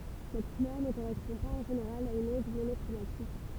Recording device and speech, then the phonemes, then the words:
temple vibration pickup, read sentence
sɛt kulœʁ nə koʁɛspɔ̃ paz ɑ̃ ʒeneʁal a yn ɔ̃d monɔkʁomatik
Cette couleur ne correspond pas en général à une onde monochromatique.

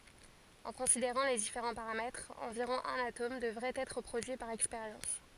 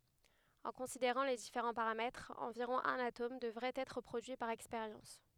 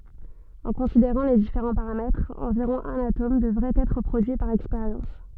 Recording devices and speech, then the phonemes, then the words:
forehead accelerometer, headset microphone, soft in-ear microphone, read sentence
ɑ̃ kɔ̃sideʁɑ̃ le difeʁɑ̃ paʁamɛtʁz ɑ̃viʁɔ̃ œ̃n atom dəvʁɛt ɛtʁ pʁodyi paʁ ɛkspeʁjɑ̃s
En considérant les différents paramètres, environ un atome devrait être produit par expérience.

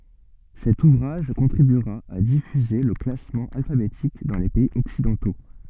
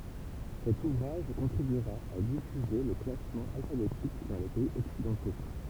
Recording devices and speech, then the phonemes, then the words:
soft in-ear microphone, temple vibration pickup, read sentence
sɛt uvʁaʒ kɔ̃tʁibyʁa a difyze lə klasmɑ̃ alfabetik dɑ̃ le pɛiz ɔksidɑ̃to
Cet ouvrage contribuera à diffuser le classement alphabétique dans les pays occidentaux.

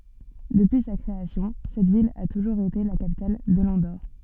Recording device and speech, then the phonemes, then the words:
soft in-ear microphone, read sentence
dəpyi sa kʁeasjɔ̃ sɛt vil a tuʒuʁz ete la kapital də lɑ̃doʁ
Depuis sa création, cette ville a toujours été la capitale de l'Andorre.

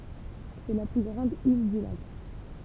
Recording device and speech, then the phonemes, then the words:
temple vibration pickup, read sentence
sɛ la ply ɡʁɑ̃d il dy lak
C'est la plus grande île du lac.

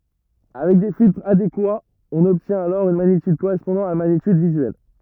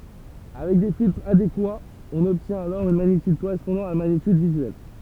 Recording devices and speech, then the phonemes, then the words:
rigid in-ear microphone, temple vibration pickup, read sentence
avɛk de filtʁz adekwaz ɔ̃n ɔbtjɛ̃t alɔʁ yn maɲityd koʁɛspɔ̃dɑ̃ a la maɲityd vizyɛl
Avec des filtres adéquats, on obtient alors une magnitude correspondant à la magnitude visuelle.

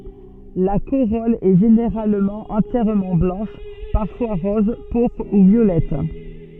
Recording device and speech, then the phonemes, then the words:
soft in-ear microphone, read sentence
la koʁɔl ɛ ʒeneʁalmɑ̃ ɑ̃tjɛʁmɑ̃ blɑ̃ʃ paʁfwa ʁɔz puʁpʁ u vjolɛt
La corolle est généralement entièrement blanche, parfois rose, pourpre ou violette.

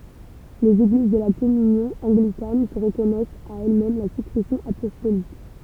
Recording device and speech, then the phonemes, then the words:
temple vibration pickup, read sentence
lez eɡliz də la kɔmynjɔ̃ ɑ̃ɡlikan sə ʁəkɔnɛst a ɛlɛsmɛm la syksɛsjɔ̃ apɔstolik
Les Églises de la Communion anglicane se reconnaissent à elles-mêmes la succession apostolique.

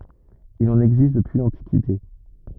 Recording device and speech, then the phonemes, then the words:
rigid in-ear microphone, read sentence
il ɑ̃n ɛɡzist dəpyi lɑ̃tikite
Il en existe depuis l'Antiquité.

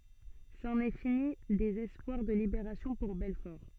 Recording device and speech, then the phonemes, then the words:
soft in-ear microphone, read sentence
sɑ̃n ɛ fini dez ɛspwaʁ də libeʁasjɔ̃ puʁ bɛlfɔʁ
C'en est fini des espoirs de libération pour Belfort.

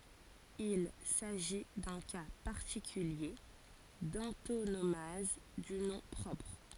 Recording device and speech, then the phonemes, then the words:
forehead accelerometer, read sentence
il saʒi dœ̃ ka paʁtikylje dɑ̃tonomaz dy nɔ̃ pʁɔpʁ
Il s'agit d'un cas particulier d'antonomase du nom propre.

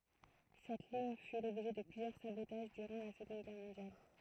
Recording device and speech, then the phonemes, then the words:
throat microphone, read sentence
sɛt liɲ fy lɔbʒɛ də plyzjœʁ sabotaʒ dyʁɑ̃ la səɡɔ̃d ɡɛʁ mɔ̃djal
Cette ligne fut l'objet de plusieurs sabotages durant la Seconde Guerre mondiale.

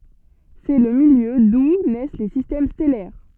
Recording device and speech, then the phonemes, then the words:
soft in-ear microphone, read sentence
sɛ lə miljø du nɛs le sistɛm stɛlɛʁ
C'est le milieu d'où naissent les systèmes stellaires.

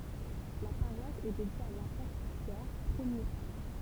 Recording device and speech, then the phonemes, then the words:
temple vibration pickup, read sentence
la paʁwas ɛ dedje a lapotʁ pjɛʁ pʁəmje pap
La paroisse est dédiée à l'apôtre Pierre, premier pape.

